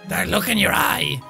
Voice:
Creepy, gruff voice